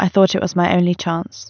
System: none